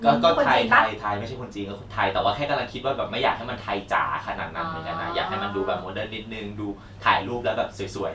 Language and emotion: Thai, neutral